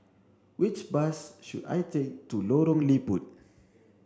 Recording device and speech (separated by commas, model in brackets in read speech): standing microphone (AKG C214), read sentence